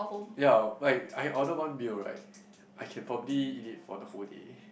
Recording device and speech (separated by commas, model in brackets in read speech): boundary microphone, conversation in the same room